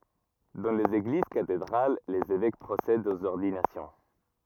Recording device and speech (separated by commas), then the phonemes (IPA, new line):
rigid in-ear microphone, read sentence
dɑ̃ lez eɡliz katedʁal lez evɛk pʁosɛdt oz ɔʁdinasjɔ̃